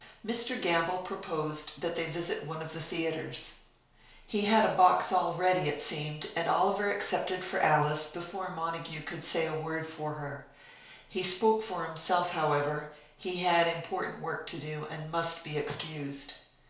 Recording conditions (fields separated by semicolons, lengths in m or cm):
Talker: one person; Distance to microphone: 1.0 m; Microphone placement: close; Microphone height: 1.1 m; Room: small (3.7 m by 2.7 m); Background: none